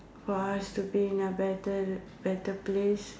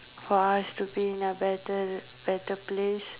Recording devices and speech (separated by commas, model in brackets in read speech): standing microphone, telephone, conversation in separate rooms